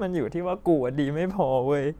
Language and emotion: Thai, sad